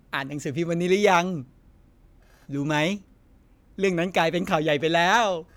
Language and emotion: Thai, happy